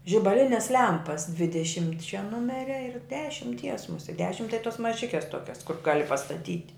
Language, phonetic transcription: Lithuanian, žibaˈlines ˈlempas dvideˈšimtčia ˈnumeria ir dešimˈties muˈsie ˈdešim tai tos maˈžikes ˈtokias kur ˈgali pastaˈtyt'

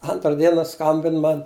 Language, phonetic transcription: Lithuanian, ˈantra ˈdiena ˈskambin ˈman

